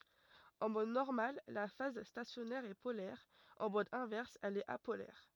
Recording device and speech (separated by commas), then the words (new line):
rigid in-ear microphone, read sentence
En mode normal la phase stationnaire est polaire, en mode inverse elle est apolaire.